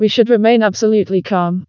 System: TTS, vocoder